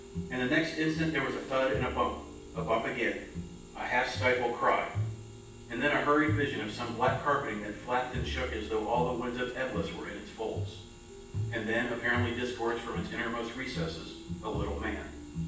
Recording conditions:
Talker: one person; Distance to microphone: 9.8 m; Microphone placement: far; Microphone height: 1.8 m; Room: large; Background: music

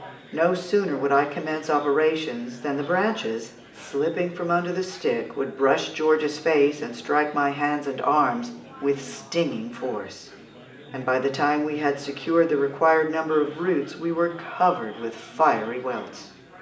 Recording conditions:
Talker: one person; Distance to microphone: 1.8 m; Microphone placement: close; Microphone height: 1.0 m; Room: large; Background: babble

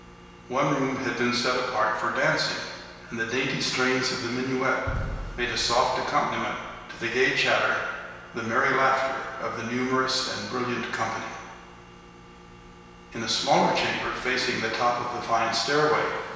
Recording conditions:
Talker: one person; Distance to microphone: 1.7 m; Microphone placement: close; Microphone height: 1.0 m; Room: very reverberant, large; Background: none

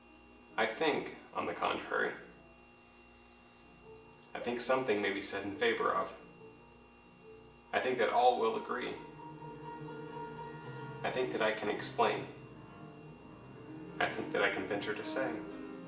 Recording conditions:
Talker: one person; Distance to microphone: 1.8 m; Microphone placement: close; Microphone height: 1.0 m; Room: large; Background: music

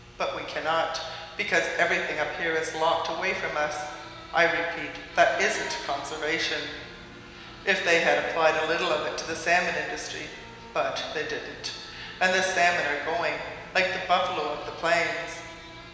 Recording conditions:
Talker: one person; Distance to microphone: 1.7 m; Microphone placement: close; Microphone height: 1.0 m; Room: very reverberant, large; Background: television

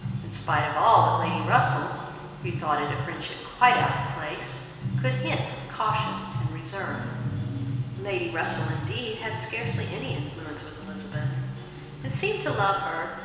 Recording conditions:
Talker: one person; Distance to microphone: 1.7 m; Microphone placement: close; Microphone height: 1.0 m; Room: very reverberant, large; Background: music

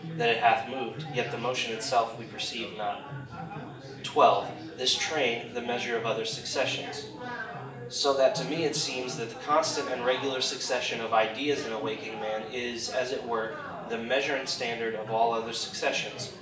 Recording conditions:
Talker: one person; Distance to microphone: 1.8 m; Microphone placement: close; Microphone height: 1.0 m; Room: large; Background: babble

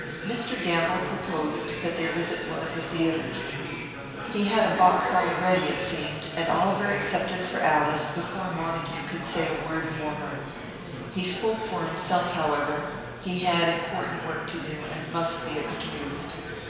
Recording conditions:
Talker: one person; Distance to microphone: 1.7 m; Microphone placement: close; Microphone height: 1.0 m; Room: very reverberant, large; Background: babble

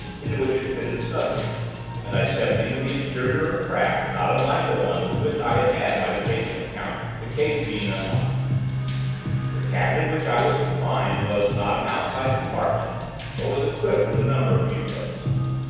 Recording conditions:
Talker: one person; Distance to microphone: 7.1 m; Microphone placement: far; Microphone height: 1.7 m; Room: very reverberant, large; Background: music

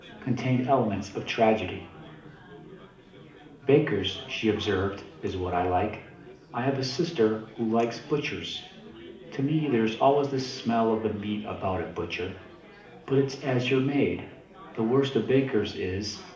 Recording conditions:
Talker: one person; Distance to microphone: 2.0 m; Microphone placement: close; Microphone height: 99 cm; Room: medium-sized (5.7 m by 4.0 m); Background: babble

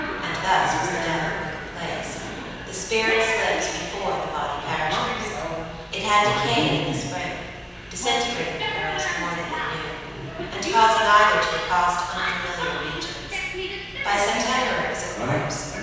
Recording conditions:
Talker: one person; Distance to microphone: 7.1 m; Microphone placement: far; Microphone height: 1.7 m; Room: very reverberant, large; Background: television

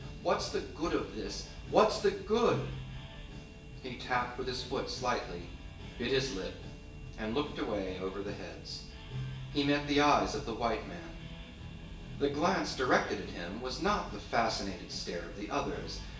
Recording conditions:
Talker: one person; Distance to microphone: 1.8 m; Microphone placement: close; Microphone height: 1.0 m; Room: large; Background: music

